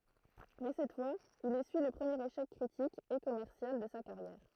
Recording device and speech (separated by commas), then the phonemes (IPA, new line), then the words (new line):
throat microphone, read sentence
mɛ sɛt fwaz il esyi lə pʁəmjeʁ eʃɛk kʁitik e kɔmɛʁsjal də sa kaʁjɛʁ
Mais cette fois, il essuie le premier échec critique, et commercial, de sa carrière.